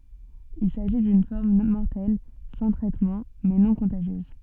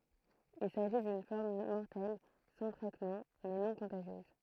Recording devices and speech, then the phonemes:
soft in-ear microphone, throat microphone, read sentence
il saʒi dyn fɔʁm mɔʁtɛl sɑ̃ tʁɛtmɑ̃ mɛ nɔ̃ kɔ̃taʒjøz

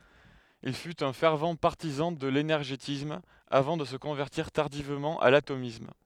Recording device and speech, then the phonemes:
headset microphone, read sentence
il fyt œ̃ fɛʁv paʁtizɑ̃ də lenɛʁʒetism avɑ̃ də sə kɔ̃vɛʁtiʁ taʁdivmɑ̃ a latomism

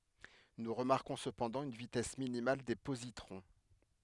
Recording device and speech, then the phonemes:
headset microphone, read sentence
nu ʁəmaʁkɔ̃ səpɑ̃dɑ̃ yn vitɛs minimal de pozitʁɔ̃

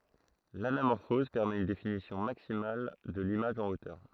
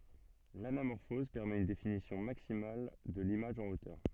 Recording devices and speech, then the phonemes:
throat microphone, soft in-ear microphone, read sentence
lanamɔʁfɔz pɛʁmɛt yn definisjɔ̃ maksimal də limaʒ ɑ̃ otœʁ

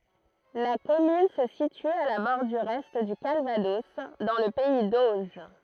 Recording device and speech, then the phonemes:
throat microphone, read sentence
la kɔmyn sə sity a la bɔʁdyʁ ɛ dy kalvadɔs dɑ̃ lə pɛi doʒ

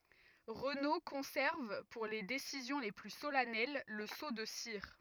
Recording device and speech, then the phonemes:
rigid in-ear microphone, read sentence
ʁəno kɔ̃sɛʁv puʁ le desizjɔ̃ le ply solɛnɛl lə so də siʁ

